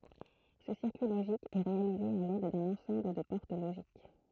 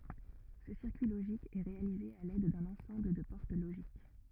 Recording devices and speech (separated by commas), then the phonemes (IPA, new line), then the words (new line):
throat microphone, rigid in-ear microphone, read sentence
sə siʁkyi loʒik ɛ ʁealize a lɛd dœ̃n ɑ̃sɑ̃bl də pɔʁt loʒik
Ce circuit logique est réalisé à l'aide d'un ensemble de portes logiques.